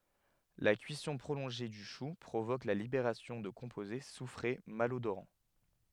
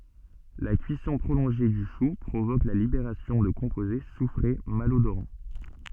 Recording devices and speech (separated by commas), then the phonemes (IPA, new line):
headset microphone, soft in-ear microphone, read sentence
la kyisɔ̃ pʁolɔ̃ʒe dy ʃu pʁovok la libeʁasjɔ̃ də kɔ̃poze sufʁe malodoʁɑ̃